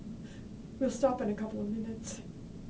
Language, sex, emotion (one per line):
English
female
sad